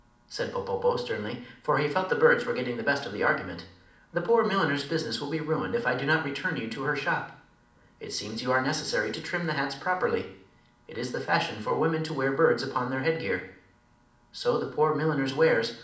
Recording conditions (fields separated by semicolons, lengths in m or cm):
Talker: one person; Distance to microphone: 2.0 m; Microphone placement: close; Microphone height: 99 cm; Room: medium-sized (5.7 m by 4.0 m); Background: none